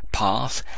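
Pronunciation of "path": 'Path' is said with a southern English pronunciation.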